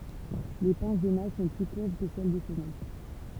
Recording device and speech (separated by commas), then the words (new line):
temple vibration pickup, read sentence
Les pinces des mâles sont plus courbes que celles des femelles.